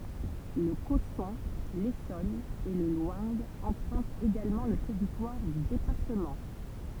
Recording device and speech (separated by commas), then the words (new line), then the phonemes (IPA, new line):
temple vibration pickup, read sentence
Le Cosson, l'Essonne et le Loing empruntent également le territoire du département.
lə kɔsɔ̃ lesɔn e lə lwɛ̃ ɑ̃pʁœ̃tt eɡalmɑ̃ lə tɛʁitwaʁ dy depaʁtəmɑ̃